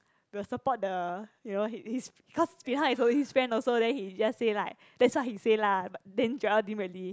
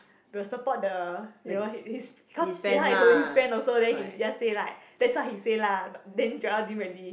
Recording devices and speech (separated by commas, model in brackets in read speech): close-talking microphone, boundary microphone, conversation in the same room